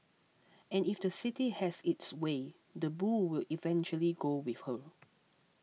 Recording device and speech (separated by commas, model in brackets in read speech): mobile phone (iPhone 6), read sentence